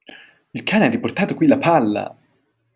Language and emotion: Italian, surprised